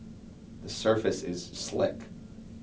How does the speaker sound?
neutral